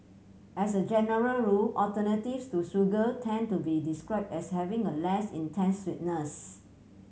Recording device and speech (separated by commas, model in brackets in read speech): mobile phone (Samsung C7100), read sentence